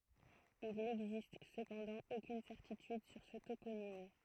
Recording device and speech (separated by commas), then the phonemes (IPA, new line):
throat microphone, read sentence
il nɛɡzist səpɑ̃dɑ̃ okyn sɛʁtityd syʁ sə toponim